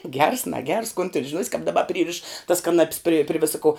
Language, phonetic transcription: Lithuanian, gers naˈgers kon tin žiˈnuos' kap daˈba ˈpryriš tas kaˈnap's prė pri ˈvisa ko

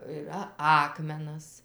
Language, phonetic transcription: Lithuanian, ɨˈra ˈakmenas

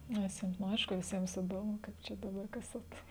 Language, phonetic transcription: Lithuanian, ˈnes jiem nu ˈaišku viˈsiems iˈdomu ˈkaip ˈčia daˈbar ˈkas at

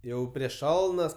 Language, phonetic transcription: Lithuanian, ˈjau prieš ˈšalnas

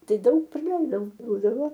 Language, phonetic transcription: Lithuanian, ˈtai ˈdaug praˈleidau ˈbūdavo

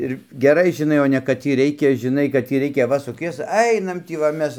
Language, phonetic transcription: Lithuanian, ir geˈrai žiˈnai o ne kad ˈtį ˈreikia žiˈnai kad tį ˈreikia va suˈkies ˈainam ˈtį va ˈmes

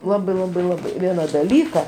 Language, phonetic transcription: Lithuanian, ˈlabai ˈlabai ˈlabai ˈviena daˈlyka

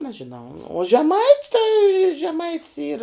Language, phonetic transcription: Lithuanian, ˈnažinau o žeˈmait' tai žeˈmai ˈyr

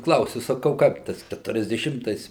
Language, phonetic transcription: Lithuanian, ˈklausiu saˈkau ˈkaip ˈtas keturiasdeˈšimtais

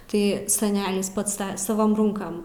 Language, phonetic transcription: Lithuanian, ˈtai saˈnelis ˈpats saˈvom ˈrūnkam

